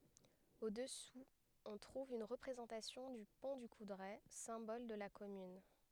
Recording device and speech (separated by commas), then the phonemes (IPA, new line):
headset microphone, read sentence
o dəsu ɔ̃ tʁuv yn ʁəpʁezɑ̃tasjɔ̃ dy pɔ̃ dy kudʁɛ sɛ̃bɔl də la kɔmyn